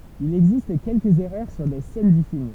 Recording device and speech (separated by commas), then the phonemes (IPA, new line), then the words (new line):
temple vibration pickup, read sentence
il ɛɡzist kɛlkəz ɛʁœʁ syʁ de sɛn dy film
Il existe quelques erreurs sur des scènes du film.